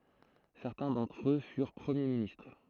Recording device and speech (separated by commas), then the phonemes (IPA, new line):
throat microphone, read sentence
sɛʁtɛ̃ dɑ̃tʁ ø fyʁ pʁəmje ministʁ